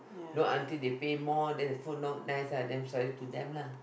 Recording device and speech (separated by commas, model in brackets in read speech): boundary microphone, conversation in the same room